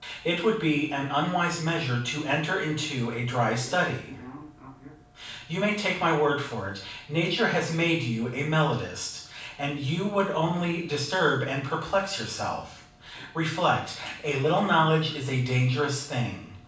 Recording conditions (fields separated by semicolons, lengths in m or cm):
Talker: one person; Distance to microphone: 5.8 m; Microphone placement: far; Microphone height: 1.8 m; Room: medium-sized (5.7 m by 4.0 m); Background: television